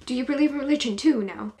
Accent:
in a bad british accent